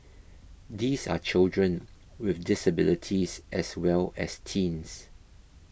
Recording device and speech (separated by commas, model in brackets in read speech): boundary microphone (BM630), read sentence